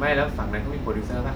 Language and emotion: Thai, neutral